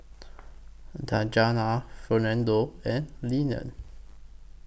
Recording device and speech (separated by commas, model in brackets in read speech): boundary microphone (BM630), read sentence